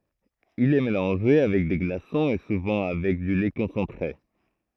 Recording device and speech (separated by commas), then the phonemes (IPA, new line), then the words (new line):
throat microphone, read sentence
il ɛ melɑ̃ʒe avɛk de ɡlasɔ̃z e suvɑ̃ avɛk dy lɛ kɔ̃sɑ̃tʁe
Il est mélangé avec des glaçons et souvent avec du lait concentré.